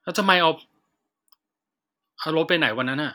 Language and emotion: Thai, frustrated